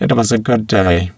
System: VC, spectral filtering